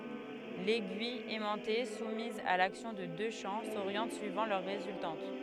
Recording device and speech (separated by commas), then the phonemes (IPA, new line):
headset microphone, read sentence
lɛɡyij ɛmɑ̃te sumiz a laksjɔ̃ də dø ʃɑ̃ soʁjɑ̃t syivɑ̃ lœʁ ʁezyltɑ̃t